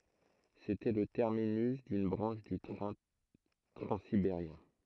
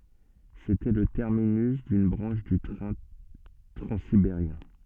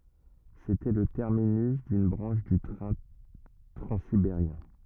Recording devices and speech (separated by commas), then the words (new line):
throat microphone, soft in-ear microphone, rigid in-ear microphone, read sentence
C'était le terminus d'une branche du train transsibérien.